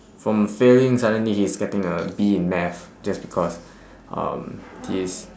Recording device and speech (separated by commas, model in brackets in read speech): standing microphone, conversation in separate rooms